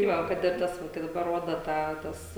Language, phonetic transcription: Lithuanian, tai ˈva kad ir ˈtas ˈva kai daˈbar ˈroda ˈtą ˈtas

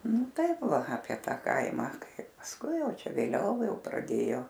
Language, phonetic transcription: Lithuanian, ˈnu ˈtaip ˈva apie ˈta ˈkaimą ˈkaip pasˈkui ˈjau ˈčia vėˈliau ˈjau praˈdėjo

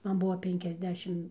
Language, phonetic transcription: Lithuanian, ˈman ˈbuvo ˌpenkiasˈdešim

